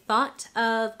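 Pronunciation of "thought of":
'thought of' is pronounced the wrong way here, without a flap T between the two words.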